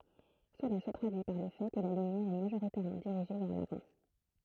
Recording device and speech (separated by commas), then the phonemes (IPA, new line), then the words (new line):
throat microphone, read sentence
səla sə tʁadyi paʁ lə fɛ kə la lymjɛʁ ɛ maʒoʁitɛʁmɑ̃ diʁiʒe vɛʁ lavɑ̃
Cela se traduit par le fait que la lumière est majoritairement dirigée vers l'avant.